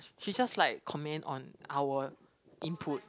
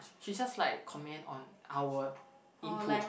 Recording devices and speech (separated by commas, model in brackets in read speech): close-talking microphone, boundary microphone, conversation in the same room